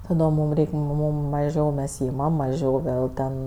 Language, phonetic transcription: Lithuanian, taˈdom ˈmūm ˈreik' ˈmūm mažiau mes ˈimam maˈžiau ˈvėl ten

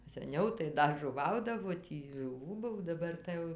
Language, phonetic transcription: Lithuanian, saˈniau tai ˈda žuˈvaudavo ˈtį žuˈvų ˈbuv daˈbar tai ˈjau

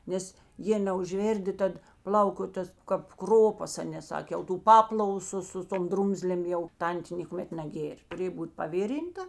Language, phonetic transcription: Lithuanian, ˈnes ˈjė neužˈvėrdi ˈtad ˈplauko ˈtas kap ˈkropas ˈaˌnė ˈsakė jau tų ˈpaplavu ˈsu su ˈtom ˈdrumzlėm ˈjau ˈtantė nėkuˈmet naˈgėr' tuˈrėj ˈbūt paˈvirinta

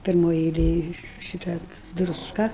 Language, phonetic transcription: Lithuanian, pirˈmoj eiˈlėj ˈšita drusˈka

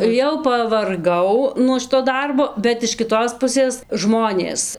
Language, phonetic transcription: Lithuanian, jau pavarˈgau nuo ˈšito ˈdarbo bet iš kiˈtos ˈpusės ˈžmonės

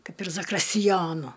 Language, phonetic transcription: Lithuanian, ˈkaip ir zakristiˈjonu

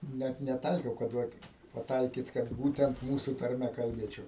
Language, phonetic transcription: Lithuanian, ˈnæt neˈtaikiau kad ˈvat paˈtaikyt kad ˈbūtent ˈmūsu tarˈme kalˈbėčiau

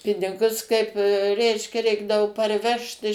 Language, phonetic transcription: Lithuanian, ˈpinigus kaip ˈreiškia ˈreikdavo parˈvežt iš

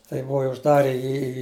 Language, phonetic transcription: Lithuanian, tai ˈbuva i užˈdare ˈjį į

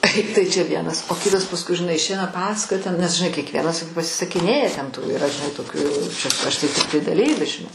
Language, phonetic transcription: Lithuanian, ˈtai tai čia ˈvienas o ˈkitas pasˈkui žiˈnai išˈeina ˈpasakoja ten nes žiˈnai kiekˈvienas pasisaˈkinėja ten tų iˈra žiˈnai toˈkių čia ˈaš tai tikˈtai daˈlyvis žiˈnai

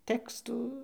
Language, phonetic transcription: Lithuanian, ˈtekstų

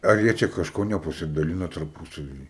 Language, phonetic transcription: Lithuanian, ˈar jie ˈčia kažˈko nepasidaˈlina tarˈpusavy

